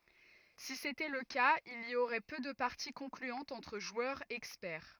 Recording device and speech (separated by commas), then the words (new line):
rigid in-ear microphone, read sentence
Si c’était le cas, il y aurait peu de parties concluantes entre joueurs experts.